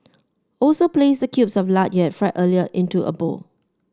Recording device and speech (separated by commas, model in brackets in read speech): standing microphone (AKG C214), read sentence